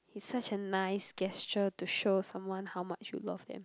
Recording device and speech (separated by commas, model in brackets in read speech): close-talking microphone, conversation in the same room